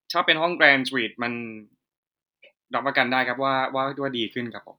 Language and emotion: Thai, neutral